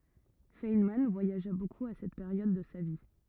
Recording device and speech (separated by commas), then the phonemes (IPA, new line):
rigid in-ear microphone, read sentence
fɛnmɑ̃ vwajaʒa bokup a sɛt peʁjɔd də sa vi